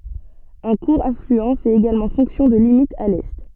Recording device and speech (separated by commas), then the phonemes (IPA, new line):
soft in-ear microphone, read sentence
œ̃ kuʁ aflyɑ̃ fɛt eɡalmɑ̃ fɔ̃ksjɔ̃ də limit a lɛ